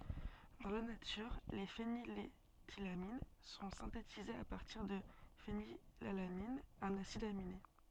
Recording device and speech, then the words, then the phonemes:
soft in-ear microphone, read sentence
Dans la nature, les phényléthylamines sont synthétisées à partir de phénylalanine, un acide aminé.
dɑ̃ la natyʁ le feniletilamin sɔ̃ sɛ̃tetizez a paʁtiʁ də fenilalanin œ̃n asid amine

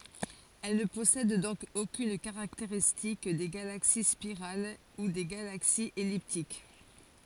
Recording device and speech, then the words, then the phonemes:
forehead accelerometer, read sentence
Elles ne possèdent donc aucune caractéristique des galaxies spirales ou des galaxies elliptiques.
ɛl nə pɔsɛd dɔ̃k okyn kaʁakteʁistik de ɡalaksi spiʁal u de ɡalaksiz ɛliptik

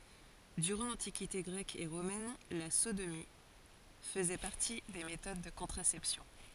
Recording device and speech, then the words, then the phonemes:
forehead accelerometer, read sentence
Durant l'Antiquité grecque et romaine, la sodomie faisait partie des méthodes de contraception.
dyʁɑ̃ lɑ̃tikite ɡʁɛk e ʁomɛn la sodomi fəzɛ paʁti de metod də kɔ̃tʁasɛpsjɔ̃

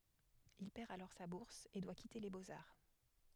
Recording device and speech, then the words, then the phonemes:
headset microphone, read sentence
Il perd alors sa bourse et doit quitter les Beaux-Arts.
il pɛʁ alɔʁ sa buʁs e dwa kite le boksaʁ

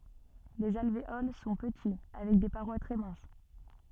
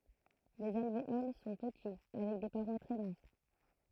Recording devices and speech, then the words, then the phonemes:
soft in-ear microphone, throat microphone, read sentence
Les alvéoles sont petits avec des parois très minces.
lez alveol sɔ̃ pəti avɛk de paʁwa tʁɛ mɛ̃s

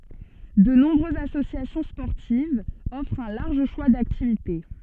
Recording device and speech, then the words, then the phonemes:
soft in-ear microphone, read sentence
De nombreuses associations sportives offrent un large choix d'activités.
də nɔ̃bʁøzz asosjasjɔ̃ spɔʁtivz ɔfʁt œ̃ laʁʒ ʃwa daktivite

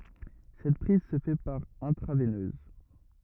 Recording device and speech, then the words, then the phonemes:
rigid in-ear microphone, read sentence
Cette prise se fait par intraveineuse.
sɛt pʁiz sə fɛ paʁ ɛ̃tʁavɛnøz

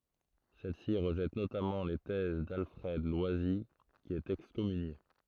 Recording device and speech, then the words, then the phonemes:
throat microphone, read sentence
Celle-ci rejette notamment les thèses d'Alfred Loisy qui est excommunié.
sɛl si ʁəʒɛt notamɑ̃ le tɛz dalfʁɛd lwazi ki ɛt ɛkskɔmynje

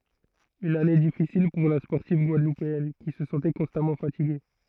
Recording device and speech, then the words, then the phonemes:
throat microphone, read sentence
Une année difficile pour la sportive guadeloupéenne, qui se sentait constamment fatiguée.
yn ane difisil puʁ la spɔʁtiv ɡwadlupeɛn ki sə sɑ̃tɛ kɔ̃stamɑ̃ fatiɡe

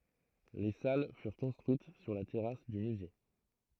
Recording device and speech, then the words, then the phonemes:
throat microphone, read sentence
Les salles furent construites sur la terrasse du musée.
le sal fyʁ kɔ̃stʁyit syʁ la tɛʁas dy myze

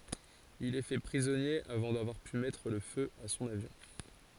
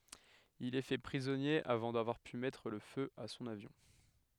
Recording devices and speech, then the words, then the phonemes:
forehead accelerometer, headset microphone, read sentence
Il est fait prisonnier avant d'avoir pu mettre le feu à son avion.
il ɛ fɛ pʁizɔnje avɑ̃ davwaʁ py mɛtʁ lə fø a sɔ̃n avjɔ̃

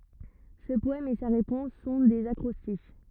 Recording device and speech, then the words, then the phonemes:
rigid in-ear microphone, read sentence
Ce poème et sa réponse sont des acrostiches.
sə pɔɛm e sa ʁepɔ̃s sɔ̃ dez akʁɔstiʃ

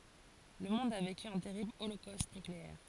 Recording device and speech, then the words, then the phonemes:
forehead accelerometer, read sentence
Le monde a vécu un terrible holocauste nucléaire.
lə mɔ̃d a veky œ̃ tɛʁibl olokost nykleɛʁ

